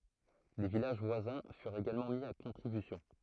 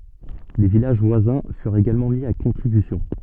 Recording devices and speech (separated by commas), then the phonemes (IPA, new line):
throat microphone, soft in-ear microphone, read sentence
le vilaʒ vwazɛ̃ fyʁt eɡalmɑ̃ mi a kɔ̃tʁibysjɔ̃